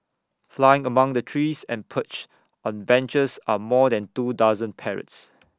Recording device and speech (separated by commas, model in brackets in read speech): standing microphone (AKG C214), read sentence